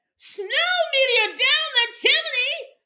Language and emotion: English, happy